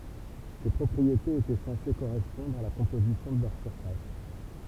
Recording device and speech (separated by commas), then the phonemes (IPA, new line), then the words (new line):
temple vibration pickup, read sentence
se pʁɔpʁietez etɛ sɑ̃se koʁɛspɔ̃dʁ a la kɔ̃pozisjɔ̃ də lœʁ syʁfas
Ces propriétés étaient censées correspondre à la composition de leur surface.